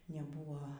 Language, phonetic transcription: Lithuanian, neˈbūvo

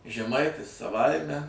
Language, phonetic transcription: Lithuanian, žeˈmaitis saˈvaime

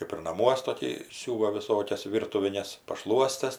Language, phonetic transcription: Lithuanian, kɜp ir naˈmuos toˈkį ˈsiūva viˈsokias ˈvyrtuvines paˈšluostes

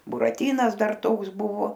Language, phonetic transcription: Lithuanian, buraˈtynas ˈdar ˈtoks ˈbuvo

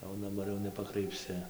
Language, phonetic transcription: Lithuanian, jau daˈbar jau nepakraipˈsi

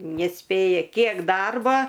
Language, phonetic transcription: Lithuanian, nesˈpėja ˈkiek ˈdarba

